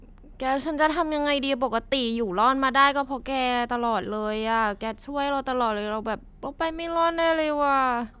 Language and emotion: Thai, frustrated